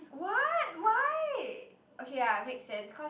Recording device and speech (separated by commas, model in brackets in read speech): boundary microphone, conversation in the same room